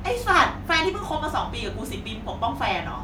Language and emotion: Thai, angry